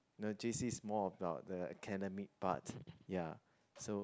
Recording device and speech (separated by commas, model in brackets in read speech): close-talking microphone, conversation in the same room